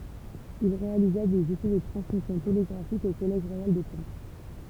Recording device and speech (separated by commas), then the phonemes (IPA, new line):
temple vibration pickup, read sentence
il ʁealiza dez esɛ də tʁɑ̃smisjɔ̃ teleɡʁafik o kɔlɛʒ ʁwajal də kɑ̃